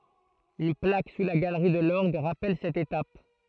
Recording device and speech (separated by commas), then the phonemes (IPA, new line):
throat microphone, read sentence
yn plak su la ɡalʁi də lɔʁɡ ʁapɛl sɛt etap